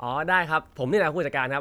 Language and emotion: Thai, neutral